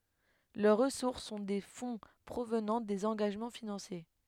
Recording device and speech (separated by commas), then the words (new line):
headset microphone, read sentence
Leurs ressources sont des fonds provenant des engagements financiers.